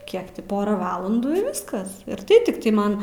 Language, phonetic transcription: Lithuanian, ˈkiek ti ˈpora ˈvalandų i ˈviskas ir ˈtai tikˈtai ˈman

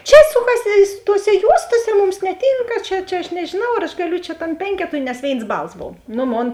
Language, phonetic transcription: Lithuanian, ˈčia ˈsukasi su toˈse ˈjuostose ˈmums neˈtinka ˈčia ˈčia aš nežiˈnau ar aš gaˈliu čia ˈtam ˈpenketui nes ˈvėins ˈbals ˈbov ˈno ˈmon

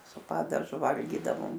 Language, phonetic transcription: Lithuanian, su ˈpadažu ˈvalgydavom

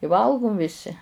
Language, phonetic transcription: Lithuanian, i ˈvalgum viˈsi

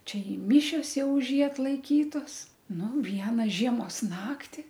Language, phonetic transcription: Lithuanian, ˈčia i ˈmyšios ˈjau už ˈjį atlaiˈkytos ˈnu ˈviena ˈžiemos ˈnakti

